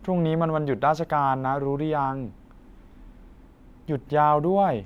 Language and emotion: Thai, neutral